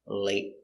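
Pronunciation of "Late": In 'late', the final t is a stop t: the air stops and the t is not completed.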